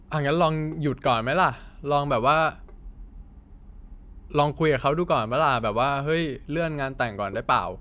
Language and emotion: Thai, neutral